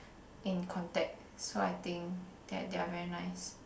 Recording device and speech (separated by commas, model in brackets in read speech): boundary microphone, conversation in the same room